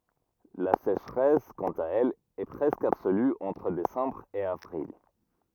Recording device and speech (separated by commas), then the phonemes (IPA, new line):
rigid in-ear microphone, read sentence
la seʃʁɛs kɑ̃t a ɛl ɛ pʁɛskə absoly ɑ̃tʁ desɑ̃bʁ e avʁil